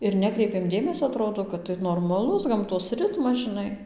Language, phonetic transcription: Lithuanian, ir ˈnekreipėm ˈdėmesio aˈtrodo kad tai normaˈlus gamˈtos ˈritmas žiˈnai

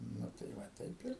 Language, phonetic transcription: Lithuanian, ˈnu tai ˈva ˈtaip ir

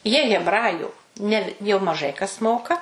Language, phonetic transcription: Lithuanian, jie hebˈraju ˈne jau maˈžai kas ˈmoka

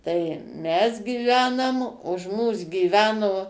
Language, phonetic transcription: Lithuanian, tai ˈmes gyˈvenam už ˈmūs gyˈveno

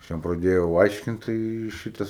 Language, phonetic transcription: Lithuanian, ˈaš ˈjam praˈdėjau ˈaiškint tai ˈšytas

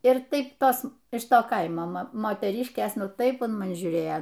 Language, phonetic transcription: Lithuanian, ir ˈtaip ˈtos iš ˈto ˈkaimo ˈmo moteˈryškės ˈnu ˈtaip un maˈni žiūˈrėjo

